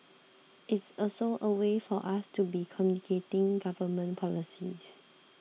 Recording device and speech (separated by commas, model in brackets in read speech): mobile phone (iPhone 6), read sentence